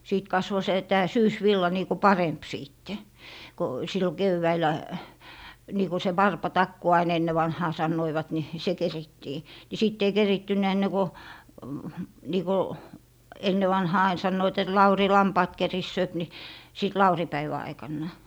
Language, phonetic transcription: Finnish, 'sìt "kasvo se , 'tää "syysvilla niiku "paremp 'sìtte , ko , sillo "kevväil̀ä , niiku se "warpa'takku ain 'enne vanhaa 'sannoivat ni , "se 'kerittii , ni sitt ‿ei 'kerittyn̆nä enne ko , nii ko , 'enne vanhaa ain 'sannoit et » "Lauri "lampaat 'kerissööp » ni , sìt "lauri'päivä 'aikannà .
- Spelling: sitten kasvoi se tämä syysvilla niin kuin parempi sitten kun silloin keväällä niin kuin se varpatakku aina ennen vanhaan sanoivat niin se kerittiin niin sitten ei keritty ennen kuin niin kuin ennen vanhaan aina sanoivat että Lauri lampaat keritsee niin sitten laurinpäivän aikana

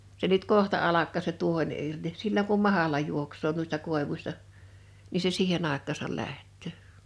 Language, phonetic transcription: Finnish, 'se nyt "kohta 'alak̆kaa se 'tuohen irDis 'silla̳ŋ kum "manala 'juoks̀oo nuista 'kòevuśta , ni se 'siihe'n ‿àek̆kaasal 'lähttö̀ .
- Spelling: se nyt kohta alkaa se tuohen irti silloin kun mahla juoksee noista koivuista niin se siihen aikaansa lähtee

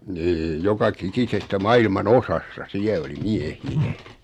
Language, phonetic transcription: Finnish, 'ni 'joka'kikisestä 'mailman "osasta 'siä oli "mie̳hi₍ä .
- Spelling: niin joka ikisestä maailman osasta siellä oli miehiä

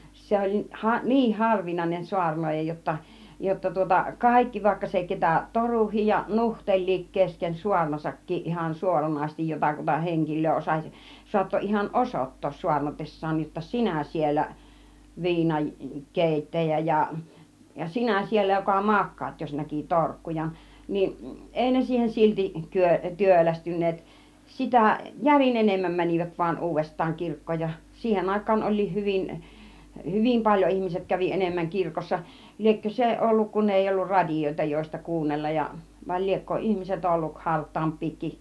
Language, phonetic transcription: Finnish, 'se oĺ 'ha- , "niih 'harvinàinen 'suarǹooja jotta , jotta tŭŏta "kàikki , vaikka se 'ketä "toruhij ja "nuhteĺ̆liik kesken "suarnasakkiiˀ ˀihan "suoranaisestij 'jotakuta 'heŋkil̆löö osaś , 'suatto ihan "osot̀toos 'suarnates̀saan jotta » "sinä 'siellä , "viinan , "kèittäjä « ja , ja » "sinä 'siellä joka "mak̆kaat « , 'jos 'näki "torkkujan niin , "ˀèi ne 'siihen silti 'kyö- , 'työlästyn̆neet , 'sitä̀ , "järin 'enemmäm 'män͕ivät 'vaa "uuvest̆taaŋ 'kirk̀kooj ja , 'siihen 'àik̆kaan oĺ̆liih 'hyvin , "hyvim 'paĺjo 'ihmiset kävi 'enemmäŋ 'kirkossa , liekkö "se , 'ˀolluk kun ei ollu "radijoita 'joista 'kuunnellaj ja , vai liekko "ihmiset olluk "hart̆taamp̆piikiˀ .
- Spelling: se oli - niin harvinainen saarnaaja jotta jotta tuota kaikki vaikka se ketä toruikin ja nuhtelikin kesken saarnassakin ihan suoranaisesti jotakuta henkilöä osasi saattoi ihan osoittaa saarnatessaan jotta sinä siellä viinan keittäjä ja ja sinä siellä joka makaat jos näki torkkujan niin ei ne siihen silti - työlästyneet sitä järin enemmän menivät vain uudestaan kirkkoon ja siihen aikaan olikin hyvin hyvin paljon ihmiset kävi enemmän kirkossa liekö se ollut kun ei ollut radioita joista kuunnella ja vai liekö ihmiset ollut hartaampiakin

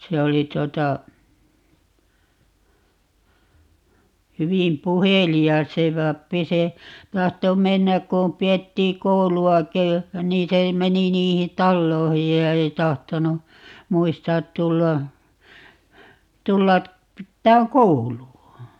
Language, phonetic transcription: Finnish, 'se oli 'tuota , 'hyvim "puheli₍as "se pappi - "se , 'tahto 'mennäk kum 'pi₍ettii "koulu₍aki , 'nii se 'meni 'niihin "talloihij ja "ei tahtonu , 'muistaat 'tulla , 'tulla , 'pittääŋ "koulu₍a .
- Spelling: se oli tuota hyvin puhelias se pappi se tahtoi mennä kun pidettiin kouluakin niin se meni niihin taloihin ja ei tahtonut muistaa tulla tulla pitämään koulua

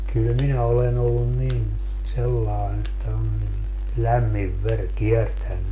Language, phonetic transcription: Finnish, kyl 'minä olen ‿ollun 'nin , 'sellaen ‿että on nin , "lämmiv 'ver "kiertänny .
- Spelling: kyllä minä olen ollut niin sellainen että on niin lämmin veri kiertänyt

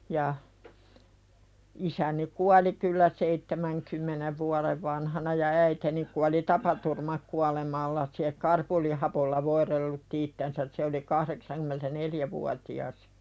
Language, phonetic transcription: Finnish, ja , 'isäni kuali kyllä "seittemäŋkymmenev vualev vanhana ja 'äiteni kuali "tapaturmakualemalla se "karpolihapolla 'voiðellutti ittensäs se oli 'kahðeksankymentä"neljävuati₍as .
- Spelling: ja isäni kuoli kyllä seitsemänkymmenen vuoden vanhana ja äitini kuoli tapaturmakuolemalla se karbolihapolla voidellutti itsensä se oli kahdeksankymmentävuotias

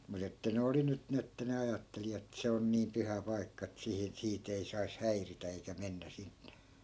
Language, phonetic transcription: Finnish, mut ‿että 'ne oli nyt 'ni että ne 'ajatteli ettᵃ̈ 'se on niiᵐ "pyhä 'pai̮kka et sihin , 'sii't ‿ei sais "häiritä eikä 'mennä 'sinNE .
- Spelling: mutta että ne oli nyt niin että ne ajatteli että se on niin pyhä paikka että siihen sitä ei saisi häiritä eikä mennä sinne

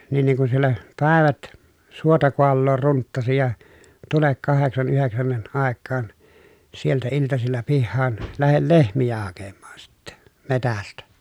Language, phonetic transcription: Finnish, nin niŋ kun siellä , pä̀evät , suota koalloor runttasi ja tulek kaheksan yheksänniʼ ʼàekkaan , sieltä iltasilla pihhaan , lähel lehmijä hakemmaan sittɛ , metästä .
- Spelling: niin niin kun siellä päivät suota kaaloa runttasi ja tule kahdeksan yhdeksänkin aikaan sieltä iltasilla pihaan lähde lehmiä hakemaan sitten metsästä

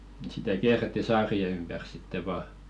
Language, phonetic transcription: Finnish, sitä 'kiäretti "saari₍e 'ympär sitte vaa .
- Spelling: sitä kierrettiin saarien ympäri sitten vain

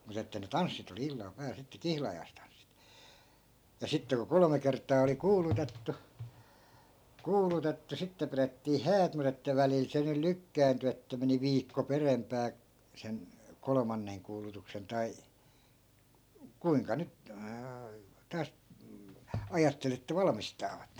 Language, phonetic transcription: Finnish, mut ‿että ne "tanssit ‿ol(i) 'illal ('pääl) sitte "kihlajai̮stanssit , ja 'sitte ku 'kolᵒme kert̆taa oli "kuulutettu , "kuulutettu 'sitte pirettii "häät mu't ‿että 'välil 'se nyl 'lykkäänty että meni 'viikko 'peremp̀ää , sen , kolᵒmanneŋ kuulutuksen 'tai , 'kuiŋka 'nyt , 'taas , 'ajattel ‿että "valmistaavat .
- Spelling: mutta että ne tanssit oli illalla päällä sitten kihlajaistanssit ja sitten kun kolme kertaa oli kuulutettu kuulutettu sitten pidettiin häät mutta että välillä se nyt lykkääntyi että meni viikko perempään sen kolmannen kuulutuksen tai kuinka nyt taas ajatteli että valmistavat

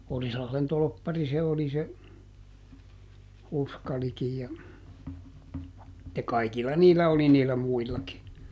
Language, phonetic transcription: Finnish, ˈOrislahlen ˈtolppari se oli se , "Uskalikij ja , (ja) ˈkaikilla "niillä oli niillä ˈmuillaki .
- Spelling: Orilahden torppari se oli se Uskalikin ja ja kaikilla niillä oli niillä muillakin

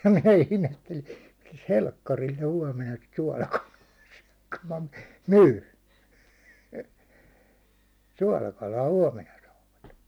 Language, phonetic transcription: Finnish, ja minä 'ihmetteli , » milᵃ̈s "helkkaril ne huåmena sit 'suålakalaa sʏᴏ̈ , ku ma 'myy , 'suålakalaa 'huåmena saavat « .
- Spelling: ja minä ihmettelin milläs helkkarilla ne huomenna sitä suolakalaa syö kun minä myyn suolakalaa huomenna saavat

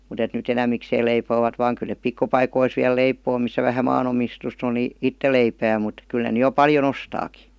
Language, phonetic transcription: Finnish, mut ‿et ny"t ‿enämmikseel leipoovat vaaŋ 'kyˡ nep "pikkupaikois viäl 'leipoo missä vähä 'maan‿omistust ‿on ni , "itte leipää mut , 'kyl ne ny jo 'paljo"n ‿ostaaki .
- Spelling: mutta että nyt enemmikseen leipovat vain kyllä ne pikkupaikoissa vielä leipoo missä vähän maanomistusta on niin itse leipää mutta kyllä ne nyt jo paljon ostaakin

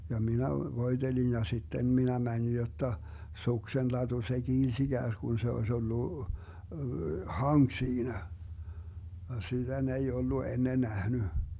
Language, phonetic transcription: Finnish, ja 'minä 'voi̮Delin ja 'sitten 'minä 'mänin jotta , 'suksenlatu se "kiils 'iGääsGun se 'oes ollu , "haŋk 'siinä , ja 'sitä ne ei 'ollu 'enne 'nähny .
- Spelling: ja minä voitelin ja sitten minä menin jotta suksenlatu se kiilsi ikään kuin se olisi ollut hanki siinä ja sitä ne ei ollut ennen nähnyt

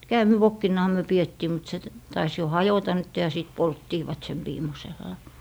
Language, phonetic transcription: Finnish, "käämivokkinnaha myö 'piettii mut se , tais jo "hajota nytte ja 'sit̀ 'polttiivat sem 'viimosella .
- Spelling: käämivokkinahan me pidettiin mutta se taisi jo hajota nyt ja sitten polttivat sen viimeisellä

